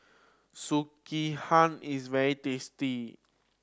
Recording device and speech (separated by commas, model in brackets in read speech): standing microphone (AKG C214), read sentence